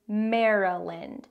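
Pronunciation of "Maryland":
'Maryland' is said with three syllables, and the stress is on the first one. The vowels in the second and third syllables reduce to schwa.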